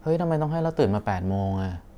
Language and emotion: Thai, frustrated